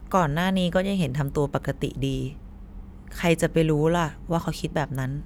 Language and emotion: Thai, neutral